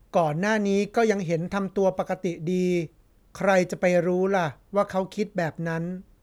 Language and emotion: Thai, neutral